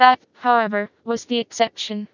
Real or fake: fake